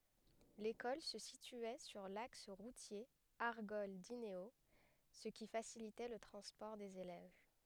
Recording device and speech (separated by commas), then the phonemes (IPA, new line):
headset microphone, read sentence
lekɔl sə sityɛ syʁ laks ʁutje aʁɡɔl dineo sə ki fasilitɛ lə tʁɑ̃spɔʁ dez elɛv